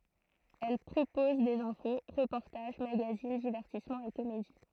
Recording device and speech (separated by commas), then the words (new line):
throat microphone, read sentence
Elle propose des infos, reportages, magazines, divertissements et comédies.